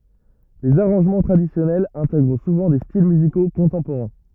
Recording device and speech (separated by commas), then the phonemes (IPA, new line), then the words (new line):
rigid in-ear microphone, read sentence
lez aʁɑ̃ʒmɑ̃ tʁadisjɔnɛlz ɛ̃tɛɡʁ suvɑ̃ de stil myziko kɔ̃tɑ̃poʁɛ̃
Les arrangements traditionnels intègrent souvent des styles musicaux contemporains.